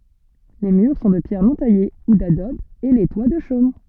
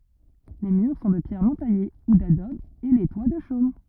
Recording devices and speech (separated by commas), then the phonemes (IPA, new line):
soft in-ear microphone, rigid in-ear microphone, read sentence
le myʁ sɔ̃ də pjɛʁ nɔ̃ taje u dadɔb e le twa də ʃom